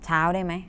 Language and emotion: Thai, frustrated